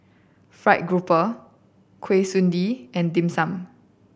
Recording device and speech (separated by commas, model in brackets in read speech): boundary microphone (BM630), read sentence